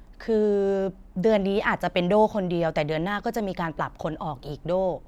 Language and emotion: Thai, frustrated